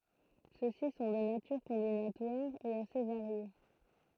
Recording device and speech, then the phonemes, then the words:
throat microphone, read sentence
søksi sɔ̃ də natyʁ kɔ̃binatwaʁ e ase vaʁje
Ceux-ci sont de nature combinatoire, et assez variés.

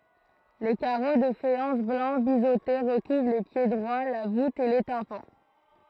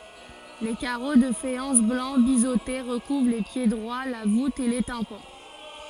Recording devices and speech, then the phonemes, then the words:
throat microphone, forehead accelerometer, read sentence
le kaʁo də fajɑ̃s blɑ̃ bizote ʁəkuvʁ le pjedʁwa la vut e le tɛ̃pɑ̃
Les carreaux de faïence blancs biseautés recouvrent les piédroits, la voûte et les tympans.

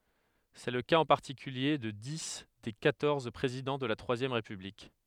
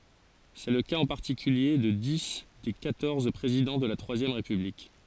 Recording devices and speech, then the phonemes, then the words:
headset microphone, forehead accelerometer, read sentence
sɛ lə kaz ɑ̃ paʁtikylje də di de kwatɔʁz pʁezidɑ̃ də la tʁwazjɛm ʁepyblik
C'est le cas en particulier de dix des quatorze présidents de la Troisième République.

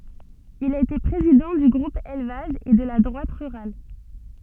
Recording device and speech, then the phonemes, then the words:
soft in-ear microphone, read sentence
il a ete pʁezidɑ̃ dy ɡʁup elvaʒ e də la dʁwat ʁyʁal
Il a été président du Groupe élevage, et de la Droite rurale.

